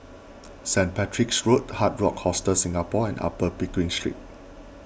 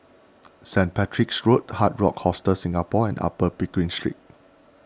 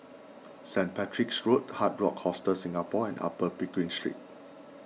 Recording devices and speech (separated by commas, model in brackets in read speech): boundary microphone (BM630), standing microphone (AKG C214), mobile phone (iPhone 6), read sentence